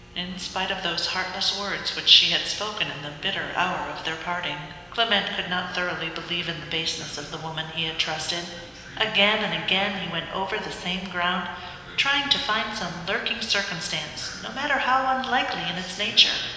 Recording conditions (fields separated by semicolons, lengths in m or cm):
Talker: one person; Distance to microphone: 1.7 m; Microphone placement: close; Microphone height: 1.0 m; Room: very reverberant, large; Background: television